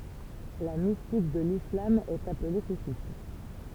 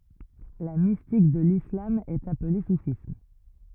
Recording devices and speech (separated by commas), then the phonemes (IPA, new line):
temple vibration pickup, rigid in-ear microphone, read sentence
la mistik də lislam ɛt aple sufism